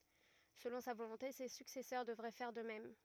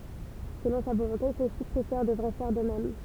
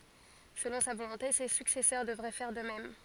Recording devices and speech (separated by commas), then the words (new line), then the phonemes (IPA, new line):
rigid in-ear microphone, temple vibration pickup, forehead accelerometer, read sentence
Selon sa volonté, ses successeurs devraient faire de même.
səlɔ̃ sa volɔ̃te se syksɛsœʁ dəvʁɛ fɛʁ də mɛm